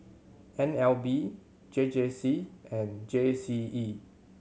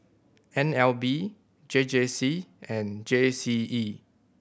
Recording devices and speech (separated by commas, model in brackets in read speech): mobile phone (Samsung C7100), boundary microphone (BM630), read sentence